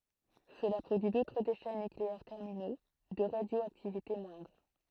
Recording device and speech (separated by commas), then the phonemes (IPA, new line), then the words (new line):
throat microphone, read sentence
səla pʁodyi dotʁ deʃɛ nykleɛʁ tɛʁmino də ʁadjoaktivite mwɛ̃dʁ
Cela produit d'autres déchets nucléaires terminaux, de radioactivité moindre.